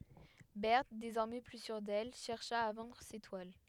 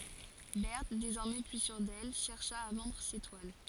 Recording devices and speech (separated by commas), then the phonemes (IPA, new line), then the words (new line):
headset microphone, forehead accelerometer, read sentence
bɛʁt dezɔʁmɛ ply syʁ dɛl ʃɛʁʃa a vɑ̃dʁ se twal
Berthe, désormais plus sûre d'elle, chercha à vendre ses toiles.